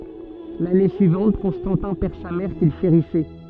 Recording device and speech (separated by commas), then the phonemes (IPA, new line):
soft in-ear microphone, read sentence
lane syivɑ̃t kɔ̃stɑ̃tɛ̃ pɛʁ sa mɛʁ kil ʃeʁisɛ